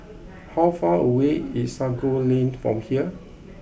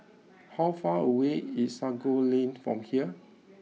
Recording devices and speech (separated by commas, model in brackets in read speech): boundary microphone (BM630), mobile phone (iPhone 6), read sentence